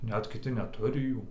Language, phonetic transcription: Lithuanian, ˈnet kiˈti neˈturi ˈjų

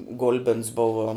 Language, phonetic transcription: Lithuanian, ˈgul'bins ˈbuvo

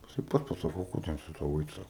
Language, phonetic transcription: Lithuanian, jiˈsai ˈpats pasaˈkau ˈ ko ten su ˈtau ˈeit ˈsako

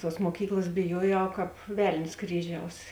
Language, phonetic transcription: Lithuanian, ˈtuos muoˈkyklas biˈjuojau kāp ˈvel'n's' ˈkryˌžiaus

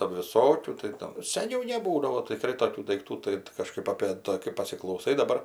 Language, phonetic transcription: Lithuanian, ˈtadu viˈsokių tai ˈtam seˈniau neˈbūdavo tiˈkrai toˈkių daikˈtų ˈtai tai kaˈžkaip apė ˈta kai pasiklauˈsai daˈbar

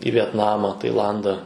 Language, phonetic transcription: Lithuanian, į vietˈnama taiˈlanda

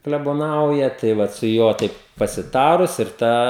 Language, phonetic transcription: Lithuanian, kleboˈnauja tai ˈvat su ˈjuo taip pasiˈtarus ir ˈtą

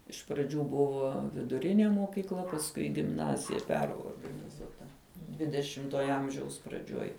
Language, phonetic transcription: Lithuanian, iš praˈdžių ˈbuvo viduˈrinė mokykˈla pasˈkui i gimˈnazija ˈperorganizuota ˈdvidešimtuoja ˈamžiaus praˈdžiuoj

